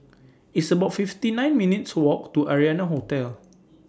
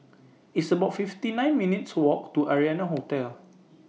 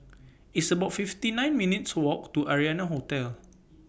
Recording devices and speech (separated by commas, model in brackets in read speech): standing microphone (AKG C214), mobile phone (iPhone 6), boundary microphone (BM630), read sentence